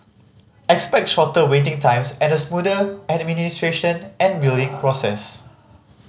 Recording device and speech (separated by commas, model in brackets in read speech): mobile phone (Samsung C5010), read sentence